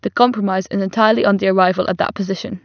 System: none